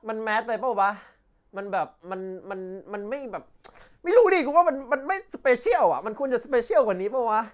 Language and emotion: Thai, frustrated